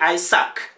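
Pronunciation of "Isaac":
'Isaac' is pronounced incorrectly here.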